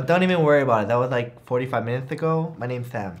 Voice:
lisping